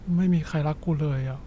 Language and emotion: Thai, frustrated